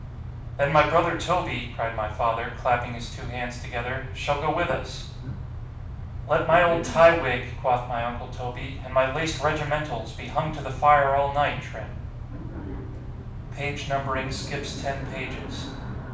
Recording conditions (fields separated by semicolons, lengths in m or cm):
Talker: one person; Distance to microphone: 5.8 m; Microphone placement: far; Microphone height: 1.8 m; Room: medium-sized (5.7 m by 4.0 m); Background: television